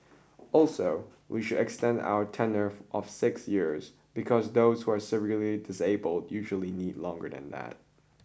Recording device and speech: boundary microphone (BM630), read sentence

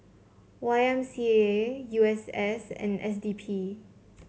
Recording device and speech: mobile phone (Samsung C7), read sentence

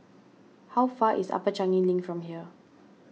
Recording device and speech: mobile phone (iPhone 6), read sentence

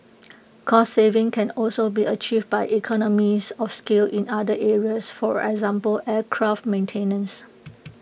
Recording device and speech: boundary microphone (BM630), read sentence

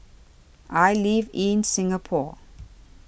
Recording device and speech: boundary microphone (BM630), read sentence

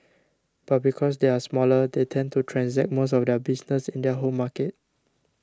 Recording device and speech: standing microphone (AKG C214), read sentence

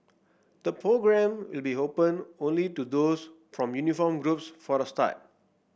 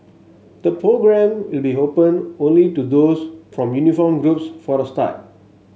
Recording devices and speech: boundary microphone (BM630), mobile phone (Samsung S8), read sentence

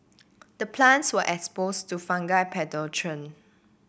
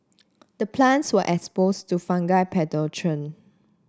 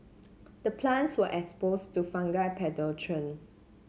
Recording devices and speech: boundary microphone (BM630), standing microphone (AKG C214), mobile phone (Samsung C7), read sentence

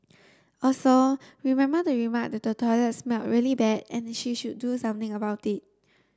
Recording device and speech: standing microphone (AKG C214), read sentence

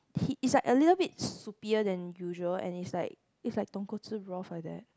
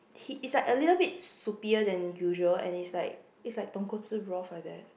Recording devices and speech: close-talking microphone, boundary microphone, conversation in the same room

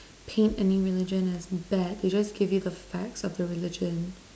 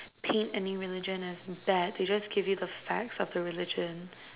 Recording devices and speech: standing microphone, telephone, conversation in separate rooms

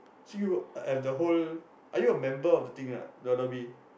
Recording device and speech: boundary microphone, conversation in the same room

